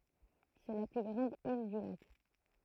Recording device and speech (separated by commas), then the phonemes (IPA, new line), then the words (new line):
throat microphone, read sentence
sɛ la ply ɡʁɑ̃d il dy lak
C'est la plus grande île du lac.